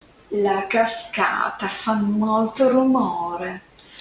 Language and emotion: Italian, disgusted